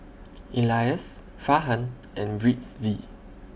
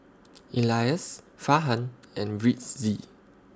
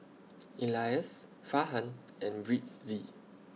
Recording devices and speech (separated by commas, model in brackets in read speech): boundary microphone (BM630), standing microphone (AKG C214), mobile phone (iPhone 6), read sentence